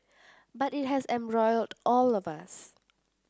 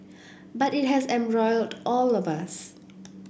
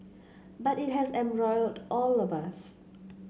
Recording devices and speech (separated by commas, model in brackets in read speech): standing microphone (AKG C214), boundary microphone (BM630), mobile phone (Samsung C7), read sentence